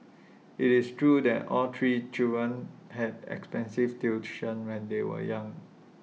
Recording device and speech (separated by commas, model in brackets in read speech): mobile phone (iPhone 6), read sentence